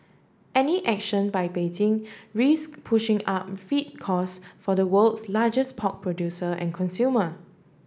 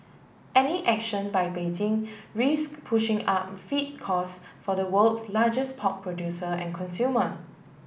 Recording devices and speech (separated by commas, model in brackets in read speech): standing microphone (AKG C214), boundary microphone (BM630), read sentence